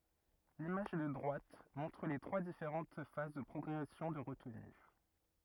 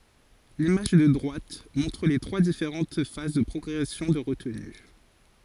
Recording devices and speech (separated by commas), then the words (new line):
rigid in-ear microphone, forehead accelerometer, read sentence
L'image de droite montre les trois différentes phases de progression de retenue.